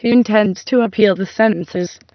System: TTS, waveform concatenation